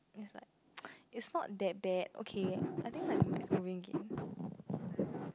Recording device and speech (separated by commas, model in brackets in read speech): close-talking microphone, conversation in the same room